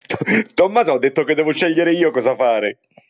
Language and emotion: Italian, happy